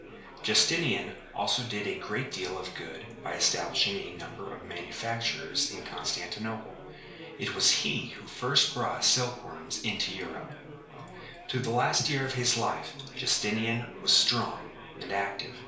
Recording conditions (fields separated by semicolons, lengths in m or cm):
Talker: one person; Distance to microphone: 1.0 m; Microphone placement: close; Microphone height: 1.1 m; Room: small (3.7 m by 2.7 m); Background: babble